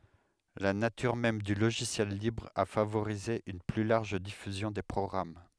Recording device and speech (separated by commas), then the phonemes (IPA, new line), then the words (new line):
headset microphone, read sentence
la natyʁ mɛm dy loʒisjɛl libʁ a favoʁize yn ply laʁʒ difyzjɔ̃ de pʁɔɡʁam
La nature même du logiciel libre a favorisé une plus large diffusion des programmes.